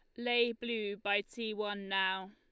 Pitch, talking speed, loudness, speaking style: 210 Hz, 170 wpm, -35 LUFS, Lombard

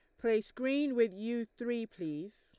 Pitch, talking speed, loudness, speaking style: 230 Hz, 165 wpm, -35 LUFS, Lombard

